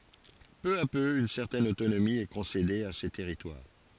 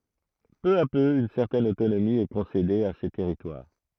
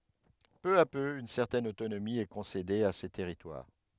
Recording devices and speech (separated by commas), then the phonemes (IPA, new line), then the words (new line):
forehead accelerometer, throat microphone, headset microphone, read sentence
pø a pø yn sɛʁtɛn otonomi ɛ kɔ̃sede a se tɛʁitwaʁ
Peu à peu, une certaine autonomie est concédée à ces territoires.